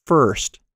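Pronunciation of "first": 'First' is said with the American r-colored vowel er.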